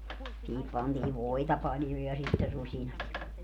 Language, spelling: Finnish, siihen pantiin voita paljon ja sitten rusinat ja
- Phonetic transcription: siihip 'pantiiv "voita 'paljo ja sitte 'ruśinat ja ,.

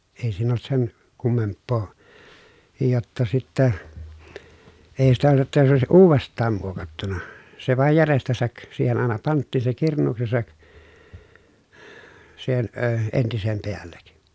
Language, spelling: Finnish, ei siinä ollut sen kummempaa jotta sitten ei sitä jotta se olisi uudestaan muokattu se vain jäljestänsä siihen aina pantiin se kirnuuksensa siihen - entisen päälle
- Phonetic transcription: ei siin ‿olt sen , kummemppoo , jotta sittä , èi sitä jotta se òesiʼ ʼuuvest̆taam muokattuna , se vàej järestäsäk , siihen àena panttìn se kirǹuuksesak , siihen əə , entisem peällek .

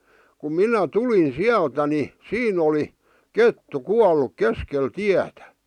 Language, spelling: Finnish, kun minä tulin sieltä niin siinä oli kettu kuollut keskellä tietä
- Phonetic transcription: kum "minä "tulin "siältä ni , "siin ‿oli , "kettu , "kualluk "keskel "tiätä .

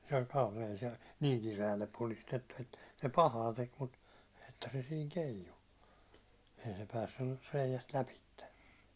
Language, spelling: Finnish, se oli kaulaan se niin kireälle puristettu että se pahaa teki mutta että se siinä keijui että ei se päässyt reiästä lävitse
- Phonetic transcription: se oĺ 'kaulaan̬ei se , 'niŋ kire₍ällep puristettu että se 'pahaa tek mut , 'että se siiŋ 'keiju , (että) ei se 'päässyr reiJäst 'läpitte .

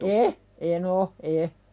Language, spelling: Finnish, en en ole en
- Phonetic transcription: e , e'n ‿o , e .

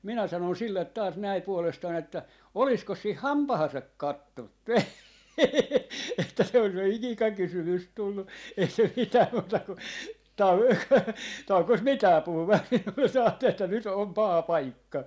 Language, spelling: Finnish, minä sanoin sille taas näin puolestani että olisikos siinä hampaansa katsonut - että se olisi jo ikäkysymys tullut ei se mitään muuta kuin - taukosi mikään puhumasta minulle se ajatteli että nyt on paha paikka
- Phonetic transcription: minä 'sanon 'sillet taas näi puolestan ‿että , » 'oliskos 'siih "hampahasak 'kattont pe- , (että se olis jo 'ikikakysymys 'tullu) » , ei se mitää muuta ku , 'tau - 'taukos 'mikää "puhumast 'minulles se 'aattel ‿että 'nyt 'om "paha "paikka .

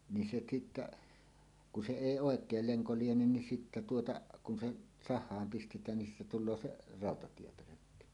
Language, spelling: Finnish, niin se sitten kun se ei oikein lenko liene niin sitten tuota kun se sahaan pistetään niin siitä tulee se rautatiepölkky
- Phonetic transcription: ni se 'sittä , ku 'se "'èi "'òek̀el 'leŋko 'lienen nin sittä tuota , kun se , "sah̆haam 'pistet̀ään nin siitä tul̆loo "se , 'ràotatiepölökky .

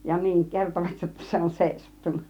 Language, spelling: Finnish, ja niin kertovat jotta se on seisahtunut
- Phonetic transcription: ja 'niiŋ "kertovat jotta 'se on "sèisattun̆na .

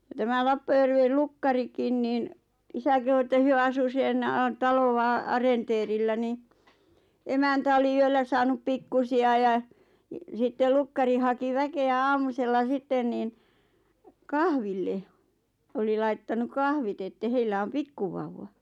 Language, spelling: Finnish, ja tämä Lappajärven lukkarikin niin isä kehui että he asui sen taloa arenteerillä niin emäntä oli yöllä saanut pikkuisia ja sitten lukkari haki väkeä aamusella sitten niin kahville oli laittanut kahvit että heillä on pikkuvauva
- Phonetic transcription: ja tämä "Lappajärvel 'lukkarikin niin , 'isä kehu että 'hyö asu sen , "talova , "arenteerillä ni , 'emäntä oli 'yöllä saanup "pikkusi₍a ja , sittel 'lukkari haki 'väke₍ä 'aamusella 'sitten niin , "kahville , 'oli lait-tanu "kahvit että 'heillä om "pikkuvauvva .

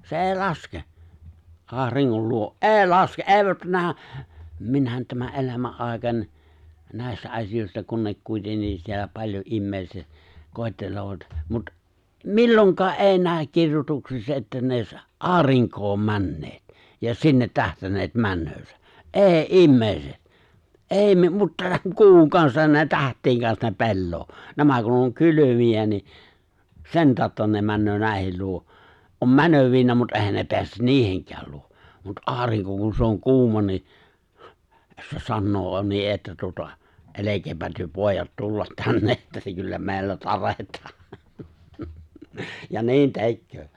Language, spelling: Finnish, se ei laske auringon luo ei laske ei nähdä minäkin tämän elämän aikani näistä asioista kun ne kuitenkin siellä paljon ihmiset koettelevat mutta milloinkaan ei näe kirjoituksissa että ne olisi aurinkoon menneet ja sinne tähdänneet menoansa ei ihmiset ei - mutta kuun kansan ne tähtien kanssa ne pelaa nämä kun on kylmiä niin sen tautta ne menee näiden luo on menevinään mutta eihän ne pääse niidenkään luo mutta aurinko kun se on kuuma niin se sanoo - niin että tuota älkää te pojat tulla tänne että kyllä meillä tarjetaan ja niin tekee
- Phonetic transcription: se '’e̬e̬ⁱ "laske , '’aariŋŋol luo’ "’e̬e̬i "laske’ "’e̬e̬ⁱ 'nähä , 'minnä̀et tämä '’elämä’ '’àekań , 'nä̀i̬stä 'asijòi̬sta kun nek 'kuitenniis siellä 'paĺjo’ '’immèiset , 'kòi̬tteloovat , mut , "milloŋk̀aa '’èi nääᵒ̈k "kirjotuksissa että ne(o͕)ś , "’aariŋk̀oom 'männeet , ja "sinnet 'tähtänneet 'männöösä , "’e̬e̬ⁱ ",immèiset , "’èi me- mut(ta) "ku̬uŋ 'kansan ne "täht̀iiŋ 'kans ne "pelloo , 'nämä kun oŋ "kyly̬mi₍ä ni , "sen 'taaᵒtta ne 'männöö 'nä̀i̬hel 'luo , om "mänövinnääm mut "’e̬hän 'ne 'peäsen "niiheŋk̀ääl 'luo , mut '’aariŋko kun se oŋ 'ku̬uma ni , se 'sannoo o- ni '’että tuota , "’elekeepä 'työ "pòej̆jat "tullat 'tänne ’että 'kyllä "mè̬i̬llä 'taret̀aa , ja "ni̬in 'te̬kköö .

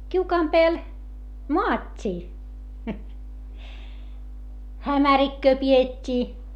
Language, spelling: Finnish, kiukaan päällä maattiin hämärikköä pidettiin
- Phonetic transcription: kiukaam peäl , moat́t́ii , hämärikköö pi₍et́t́ii .

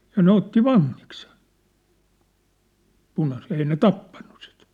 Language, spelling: Finnish, ja ne otti vangiksi sen punaiset ei ne tappaneet sitä
- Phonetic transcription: ja 'ne otti "vaŋŋik sᴇɴ , 'punaset ei ne "tappannᴜ sɪt .

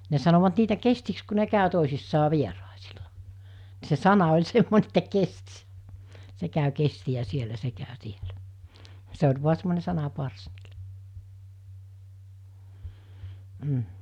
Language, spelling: Finnish, ne sanoivat niitä kestiksi kun ne kävi toisissaan vieraisilla niin se sana oli semmoinen että kesti se käy kestiä siellä se käy täällä se oli vain semmoinen sanaparsi mm
- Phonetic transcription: ne sanovat 'niitä 'kestiks ku ne 'kä̀ö 'tòisissaa 'vieràesila , nɪ se 'sana oĺ 'semmone että 'kestɪ , 'se kä̀y 'kesti₍ä 'sielä 'se kä̀y 'tiälᴀ̈ , se oĺ 'vua semmone 'sana'pars , m̥ .

